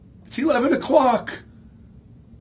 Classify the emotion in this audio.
fearful